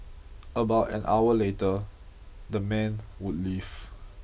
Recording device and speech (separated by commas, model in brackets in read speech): boundary microphone (BM630), read sentence